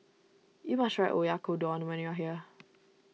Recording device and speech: mobile phone (iPhone 6), read sentence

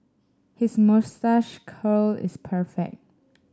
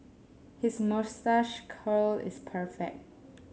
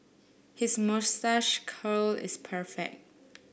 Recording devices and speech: standing microphone (AKG C214), mobile phone (Samsung S8), boundary microphone (BM630), read sentence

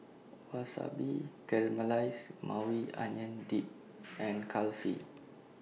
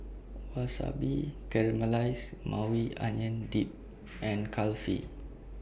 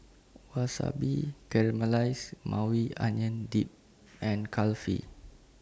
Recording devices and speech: mobile phone (iPhone 6), boundary microphone (BM630), standing microphone (AKG C214), read sentence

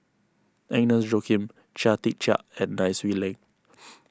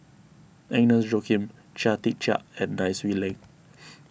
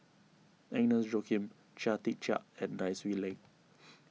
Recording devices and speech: close-talking microphone (WH20), boundary microphone (BM630), mobile phone (iPhone 6), read sentence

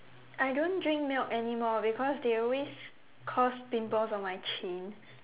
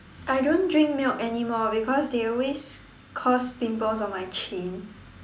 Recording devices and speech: telephone, standing microphone, conversation in separate rooms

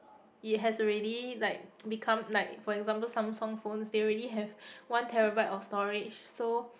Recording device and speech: boundary microphone, conversation in the same room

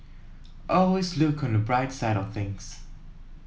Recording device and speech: mobile phone (iPhone 7), read sentence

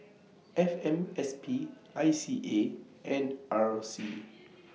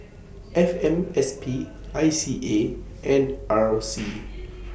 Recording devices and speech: mobile phone (iPhone 6), boundary microphone (BM630), read sentence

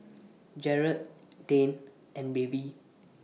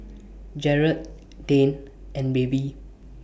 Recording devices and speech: mobile phone (iPhone 6), boundary microphone (BM630), read sentence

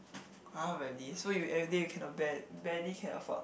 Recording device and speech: boundary microphone, conversation in the same room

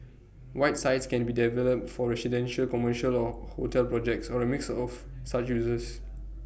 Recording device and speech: boundary microphone (BM630), read sentence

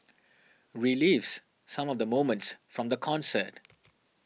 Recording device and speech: mobile phone (iPhone 6), read sentence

